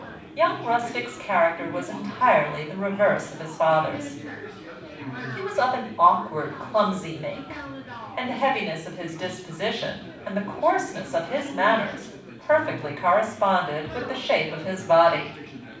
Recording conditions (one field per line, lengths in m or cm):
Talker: one person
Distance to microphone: 5.8 m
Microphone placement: far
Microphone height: 1.8 m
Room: medium-sized (5.7 m by 4.0 m)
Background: babble